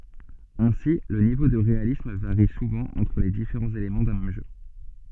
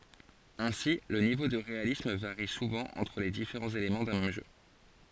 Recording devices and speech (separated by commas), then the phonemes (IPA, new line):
soft in-ear microphone, forehead accelerometer, read sentence
ɛ̃si lə nivo də ʁealism vaʁi suvɑ̃ ɑ̃tʁ le difeʁɑ̃z elemɑ̃ dœ̃ mɛm ʒø